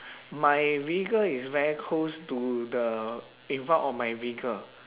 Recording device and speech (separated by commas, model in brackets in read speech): telephone, conversation in separate rooms